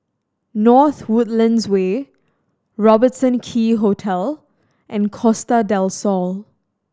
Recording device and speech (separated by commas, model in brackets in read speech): standing microphone (AKG C214), read sentence